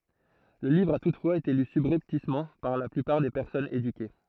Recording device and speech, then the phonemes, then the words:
throat microphone, read sentence
lə livʁ a tutfwaz ete ly sybʁɛptismɑ̃ paʁ la plypaʁ de pɛʁsɔnz edyke
Le livre a toutefois été lu subrepticement par la plupart des personnes éduquées.

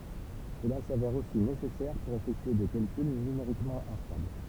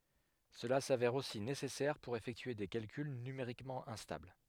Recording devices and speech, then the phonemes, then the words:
temple vibration pickup, headset microphone, read sentence
səla savɛʁ osi nesɛsɛʁ puʁ efɛktye de kalkyl nymeʁikmɑ̃ ɛ̃stabl
Cela s'avère aussi nécessaire pour effectuer des calculs numériquement instables.

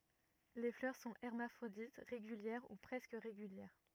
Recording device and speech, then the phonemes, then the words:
rigid in-ear microphone, read sentence
le flœʁ sɔ̃ ɛʁmafʁodit ʁeɡyljɛʁ u pʁɛskə ʁeɡyljɛʁ
Les fleurs sont hermaphrodites, régulières ou presque régulières.

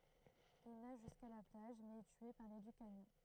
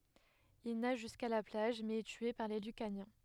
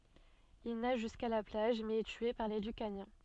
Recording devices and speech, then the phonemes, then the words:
throat microphone, headset microphone, soft in-ear microphone, read sentence
il naʒ ʒyska la plaʒ mɛz ɛ tye paʁ le lykanjɛ̃
Il nage jusqu'à la plage, mais est tué par les Lucaniens.

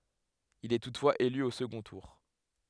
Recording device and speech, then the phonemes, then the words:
headset microphone, read sentence
il ɛ tutfwaz ely o səɡɔ̃ tuʁ
Il est toutefois élu au second tour.

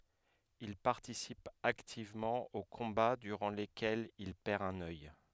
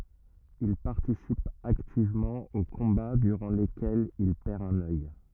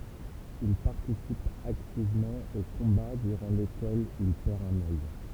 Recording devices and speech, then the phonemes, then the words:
headset microphone, rigid in-ear microphone, temple vibration pickup, read sentence
il paʁtisip aktivmɑ̃ o kɔ̃ba dyʁɑ̃ lekɛlz il pɛʁ œ̃n œj
Il participe activement aux combats durant lesquels il perd un œil.

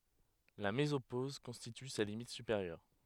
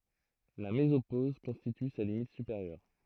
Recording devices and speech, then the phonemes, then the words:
headset microphone, throat microphone, read sentence
la mezopoz kɔ̃stity sa limit sypeʁjœʁ
La mésopause constitue sa limite supérieure.

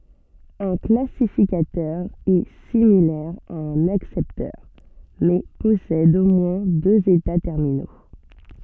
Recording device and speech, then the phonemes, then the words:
soft in-ear microphone, read sentence
œ̃ klasifikatœʁ ɛ similɛʁ a œ̃n aksɛptœʁ mɛ pɔsɛd o mwɛ̃ døz eta tɛʁmino
Un classificateur est similaire à un accepteur, mais possède au moins deux états terminaux.

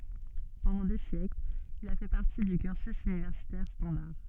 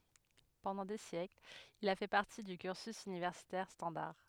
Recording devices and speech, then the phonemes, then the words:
soft in-ear microphone, headset microphone, read sentence
pɑ̃dɑ̃ de sjɛklz il a fɛ paʁti dy kyʁsy ynivɛʁsitɛʁ stɑ̃daʁ
Pendant des siècles, il a fait partie du cursus universitaire standard.

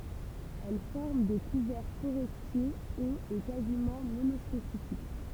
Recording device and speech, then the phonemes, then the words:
temple vibration pickup, read sentence
ɛl fɔʁm de kuvɛʁ foʁɛstje oz e kazimɑ̃ monɔspesifik
Elle forme des couverts forestiers hauts et quasiment monospécifiques.

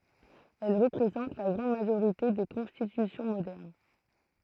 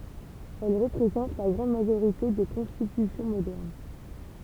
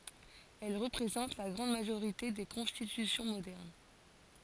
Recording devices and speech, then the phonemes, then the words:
throat microphone, temple vibration pickup, forehead accelerometer, read sentence
ɛl ʁəpʁezɑ̃t la ɡʁɑ̃d maʒoʁite de kɔ̃stitysjɔ̃ modɛʁn
Elles représentent la grande majorité des constitutions modernes.

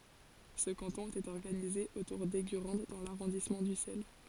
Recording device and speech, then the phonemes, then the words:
forehead accelerometer, read sentence
sə kɑ̃tɔ̃ etɛt ɔʁɡanize otuʁ dɛɡyʁɑ̃d dɑ̃ laʁɔ̃dismɑ̃ dysɛl
Ce canton était organisé autour d'Eygurande dans l'arrondissement d'Ussel.

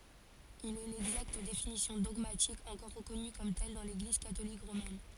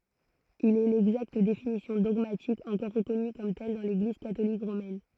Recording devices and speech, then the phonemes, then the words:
forehead accelerometer, throat microphone, read sentence
il ɛ lɛɡzakt definisjɔ̃ dɔɡmatik ɑ̃kɔʁ ʁəkɔny kɔm tɛl dɑ̃ leɡliz katolik ʁomɛn
Il est l’exacte définition dogmatique encore reconnue comme telle dans l’Église catholique romaine.

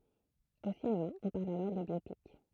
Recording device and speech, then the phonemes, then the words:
throat microphone, read sentence
o sinema ɔ̃ paʁl alɔʁ də bjopik
Au cinéma, on parle alors de biopic.

